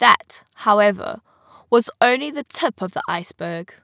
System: none